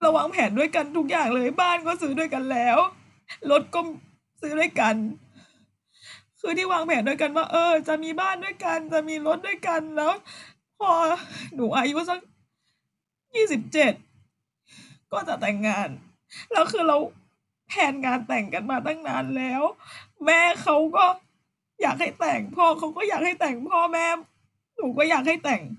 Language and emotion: Thai, sad